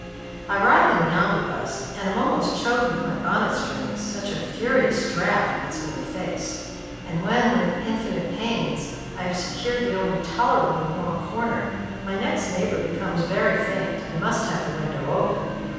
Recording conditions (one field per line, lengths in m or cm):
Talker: one person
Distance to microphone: 7.1 m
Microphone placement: far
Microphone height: 1.7 m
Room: very reverberant, large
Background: television